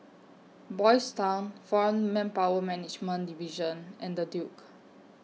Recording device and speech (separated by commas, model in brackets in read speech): mobile phone (iPhone 6), read sentence